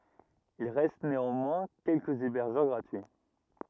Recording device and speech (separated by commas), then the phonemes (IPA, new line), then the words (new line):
rigid in-ear microphone, read sentence
il ʁɛst neɑ̃mwɛ̃ kɛlkəz ebɛʁʒœʁ ɡʁatyi
Il reste néanmoins quelques hébergeurs gratuits.